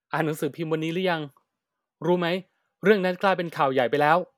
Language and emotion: Thai, neutral